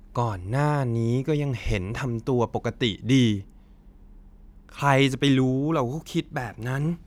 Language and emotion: Thai, frustrated